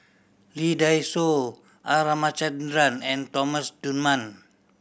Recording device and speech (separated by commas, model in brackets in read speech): boundary microphone (BM630), read sentence